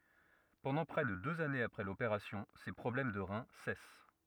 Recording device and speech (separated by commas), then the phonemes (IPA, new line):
rigid in-ear microphone, read sentence
pɑ̃dɑ̃ pʁɛ də døz anez apʁɛ lopeʁasjɔ̃ se pʁɔblɛm də ʁɛ̃ sɛs